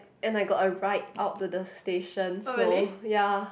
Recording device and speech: boundary microphone, conversation in the same room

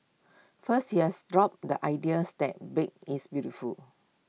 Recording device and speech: mobile phone (iPhone 6), read sentence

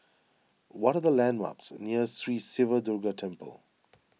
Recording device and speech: mobile phone (iPhone 6), read sentence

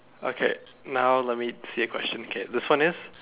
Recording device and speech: telephone, conversation in separate rooms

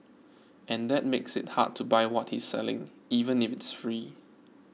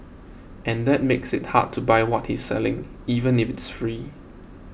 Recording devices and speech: mobile phone (iPhone 6), boundary microphone (BM630), read sentence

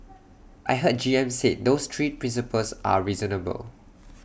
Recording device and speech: boundary microphone (BM630), read sentence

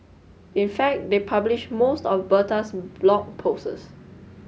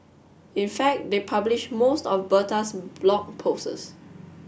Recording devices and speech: mobile phone (Samsung S8), boundary microphone (BM630), read sentence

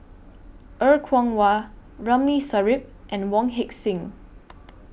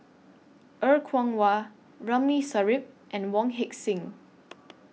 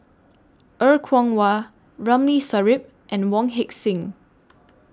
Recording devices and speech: boundary microphone (BM630), mobile phone (iPhone 6), standing microphone (AKG C214), read sentence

